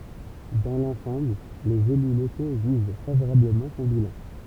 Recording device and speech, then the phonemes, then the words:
temple vibration pickup, read sentence
dɑ̃ lɑ̃sɑ̃bl lez ely loko ʒyʒ favoʁabləmɑ̃ sɔ̃ bilɑ̃
Dans l’ensemble, les élus locaux jugent favorablement son bilan.

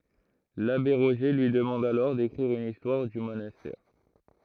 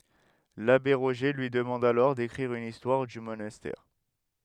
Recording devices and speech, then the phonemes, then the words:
throat microphone, headset microphone, read sentence
labe ʁoʒe lyi dəmɑ̃d alɔʁ dekʁiʁ yn istwaʁ dy monastɛʁ
L'abbé Roger lui demande alors d'écrire une histoire du monastère.

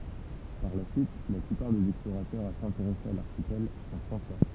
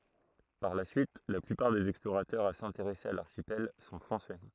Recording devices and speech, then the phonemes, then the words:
temple vibration pickup, throat microphone, read sentence
paʁ la syit la plypaʁ dez ɛksploʁatœʁz a sɛ̃teʁɛse a laʁʃipɛl sɔ̃ fʁɑ̃sɛ
Par la suite, la plupart des explorateurs à s'intéresser à l'archipel sont français.

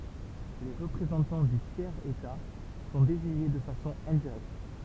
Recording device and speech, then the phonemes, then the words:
temple vibration pickup, read sentence
le ʁəpʁezɑ̃tɑ̃ dy tjɛʁz eta sɔ̃ deziɲe də fasɔ̃ ɛ̃diʁɛkt
Les représentants du tiers état sont désignés de façon indirecte.

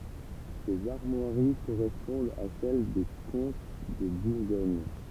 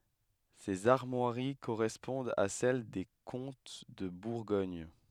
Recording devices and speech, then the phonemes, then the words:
temple vibration pickup, headset microphone, read sentence
sez aʁmwaʁi koʁɛspɔ̃dt a sɛl de kɔ̃t də buʁɡɔɲ
Ces armoiries correspondent à celle des comtes de Bourgogne.

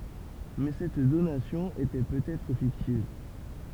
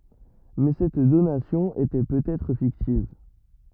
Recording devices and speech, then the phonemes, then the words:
temple vibration pickup, rigid in-ear microphone, read sentence
mɛ sɛt donasjɔ̃ etɛ pøt ɛtʁ fiktiv
Mais cette donation était peut-être fictive.

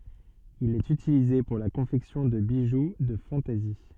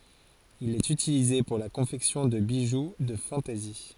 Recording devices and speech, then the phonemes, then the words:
soft in-ear microphone, forehead accelerometer, read sentence
il ɛt ytilize puʁ la kɔ̃fɛksjɔ̃ də biʒu də fɑ̃tɛzi
Il est utilisé pour la confection de bijoux de fantaisie.

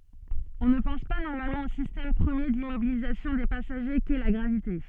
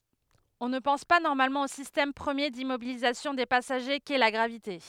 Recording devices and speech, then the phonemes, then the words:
soft in-ear microphone, headset microphone, read sentence
ɔ̃ nə pɑ̃s pa nɔʁmalmɑ̃ o sistɛm pʁəmje dimmobilizasjɔ̃ de pasaʒe kɛ la ɡʁavite
On ne pense pas normalement au système premier d'immobilisation des passagers qu'est la gravité.

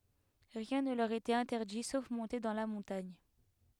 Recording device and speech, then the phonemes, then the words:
headset microphone, read sentence
ʁiɛ̃ nə lœʁ etɛt ɛ̃tɛʁdi sof mɔ̃te dɑ̃ la mɔ̃taɲ
Rien ne leur était interdit sauf monter dans la montagne.

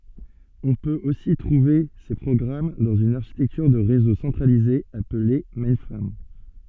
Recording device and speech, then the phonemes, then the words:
soft in-ear microphone, read sentence
ɔ̃ pøt osi tʁuve se pʁɔɡʁam dɑ̃z yn aʁʃitɛktyʁ də ʁezo sɑ̃tʁalize aple mɛ̃fʁam
On peut aussi trouver ces programmes dans une architecture de réseau centralisée appelée mainframe.

